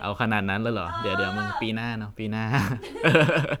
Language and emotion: Thai, happy